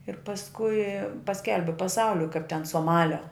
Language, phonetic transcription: Lithuanian, ir pasˈkui paˈskelbi paˈsauliui kaip ten soˈmalio

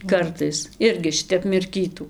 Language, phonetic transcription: Lithuanian, ˈkartais ˈirgi ˈšitep mirˈkytų

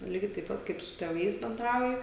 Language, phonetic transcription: Lithuanian, ˈlygiai taip ˈpat kaip su tėˈvais benˈdrauji

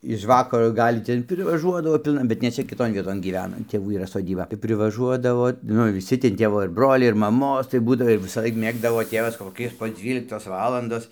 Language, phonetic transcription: Lithuanian, iž ˈvakaro ˈgal' ˈten privaˈžuodavo ˈpilna bet ne ˈčia kiˈton ˈvieton ˈgyvena ˈtėvų yˈra soˈdyba tai privaˈžuodavo ˈnu viˈsi ten ˈtėvo irˈ broliai ir maˈmos tai ˈbūdavo visaˈlaik ˈmėgdavo ˈtėvas koˈki po ˈdzvyliktos ˈvalandos

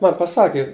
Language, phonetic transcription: Lithuanian, ˈman paˈsaki

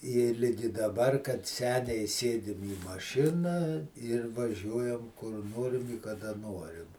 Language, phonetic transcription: Lithuanian, i ˈligi daˈbar kad ˈseniai ˈsėdim į maˈšina ir vaˈžiuojam kur ˈnorim i kaˈda ˈnorim

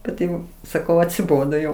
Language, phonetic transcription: Lithuanian, ˈkad jau saˈkau atsiˈbodo jau

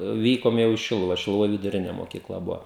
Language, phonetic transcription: Lithuanian, ˈvykom jau į ˈšiluva šiluˈvoj viduˈrine mokyˈkla ˈbuvo

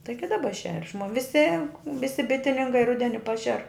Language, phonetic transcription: Lithuanian, ˈtaigi daˈba šer' šmo viˈsi ˈvisi ˈbitininkai ˈrudeni ˈpašer

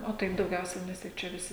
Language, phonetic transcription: Lithuanian, o ˈtaip dauˈgiausiai ˈnes tik ˈčia viˈsi

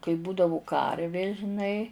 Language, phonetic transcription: Lithuanian, kai ˈbūdavu ˈkarvė žiˈnai

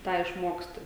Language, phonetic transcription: Lithuanian, ˈtą išˈmoksti

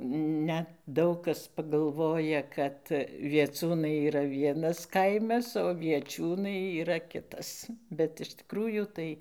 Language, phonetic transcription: Lithuanian, ˈnet ˈdaug kas pagalˈvoja ˈkad vieˈcūnai yˈra ˈvienas ˈkaimas o vieˈčiūnai yˈra ˈkitas bet iš tiˈkrųjų ˈtai

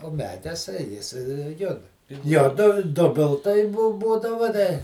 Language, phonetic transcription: Lithuanian, o ˈmedes ˈjis ˈjud ˈjo du ˈdubiltai ˈbu ˈbūdava da

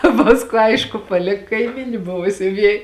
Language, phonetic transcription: Lithuanian, ˈpaskū ˈaišku paˈlik kaiˈmyni ˈbuva siuˈviej

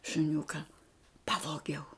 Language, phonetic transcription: Lithuanian, šuˈniuka ˈpavogiau

